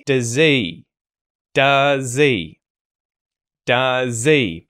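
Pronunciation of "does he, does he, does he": In 'does he', the h sound at the start of 'he' is dropped.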